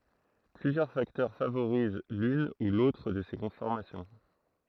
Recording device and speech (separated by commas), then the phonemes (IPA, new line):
throat microphone, read sentence
plyzjœʁ faktœʁ favoʁiz lyn u lotʁ də se kɔ̃fɔʁmasjɔ̃